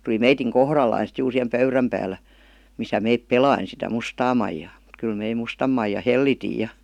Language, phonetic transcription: Finnish, tuli 'meitiŋ "kohrallai sit juur sihem "pöyräm päällä , misä 'meip "pelain sitä "mustaa maijaa , m̥t kyl mei "mustam maija "hellitij̆ ja .
- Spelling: tuli meidän kohdallamme sitten juuri siihen pöydän päällä missä me pelasimme sitä mustaa maijaa mutta kyllä me mustan maijan hellitimme ja

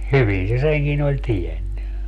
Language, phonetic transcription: Finnish, "hyvin se 'seŋkin ‿oĺ "tienny .
- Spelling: hyvin se senkin oli tiennyt

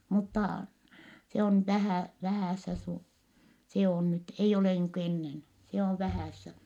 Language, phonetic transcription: Finnish, muttà , se on vähä̀ , vähä̀ssä su- , se on nyt , eij ‿olè niiŋku ennen , se ov vähä̀ssä .
- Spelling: mutta se on vähän vähässä - se on nyt ei ole niin kuin ennen se on vähässä

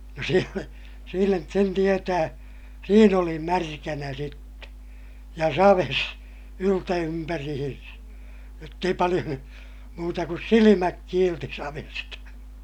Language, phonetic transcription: Finnish, no sielä , siinä , sen tietää , siin ‿oli märkänä sitte , ja saves , yltä₍ympärihinsä , jott ‿ei paliʲon , muuta kus silimäk kiilti savesta .
- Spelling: no siellä siinä sen tietää siinä oli märkänä sitten ja savessa yltympäriinsä jotta ei paljon muuta kuin silmät kiilsi savesta

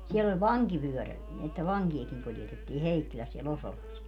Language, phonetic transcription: Finnish, 'siell ‿oĺ "vaŋkivyöräl , että "vaŋki₍akiŋ 'kuljetettii "Heikkiläs sie'l ‿Osolas .
- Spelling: siellä oli vankivyöräri että vankejakin kuljetettiin Heikkilässä siellä Osolassa

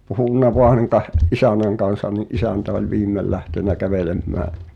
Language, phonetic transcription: Finnish, 'puhunna voan '’isänäŋ kansan ni’ '’isäntä oĺ "viimmel lähtenä 'kävelemmää .
- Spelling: puhunut vain isännän kanssa niin isäntä oli viimein lähtenyt kävelemään

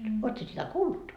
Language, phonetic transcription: Finnish, oot sie sitä "kuullut ?
- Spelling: olet sinä sitä kuullut

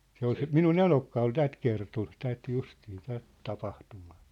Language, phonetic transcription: Finnish, 'se ‿ol se , "minu"n ‿enokka ol "tät kerton 'tät 'justii 'tät , 'tapahtumᴀᴀ .
- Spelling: se oli se minun eno oli tämän kertonut tätä justiin tätä tapahtumaa

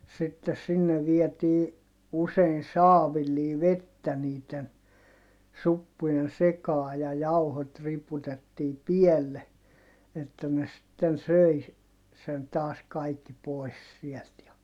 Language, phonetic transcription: Finnish, sittes sinne viɛtii , usein̬ saavillii vettä niiten , suppujen sekaa ja jauhot riputettii pielle , että ne sⁱtten söi , sen taas kaikki poi̮s siɛlt ja , .
- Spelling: sitten sinne vietiin usein saavillisia vettä niiden suppujen sekaan ja jauhot riputettiin päälle että ne sitten söi sen taas kaikki pois siltä ja

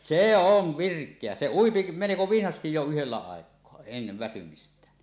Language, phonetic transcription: Finnish, sè "ov "virk̀eä , 'se "uipi meleko 'vinhastij jo yhellä 'àek̀oa , ennev väsymist̀ään .
- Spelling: se on virkeä se ui melko vinhasti jo yhdellä aikaa ennen väsymistään

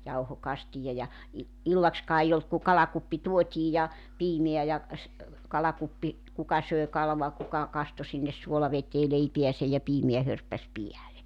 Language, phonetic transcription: Finnish, 'jauhokastija ja i- , 'illakskaa ei 'olt ku "kalakuppi 'tuot́ii ja , 'piimeä ja , s̥- , 'kalakuppi , 'kuka sö̀e 'kalua 'kuka 'kasto sinnes 'suolavetee 'leipiäsej ja 'piimeä hörppäs 'piäle .
- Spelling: jauhokastia ja - illaksikaan ei ollut kuin kalakuppi tuotiin ja piimää ja - kalakuppi kuka söi kalaa kuka kastoi sinne suolaveteen leipäänsä ja piimää hörppäsi päälle

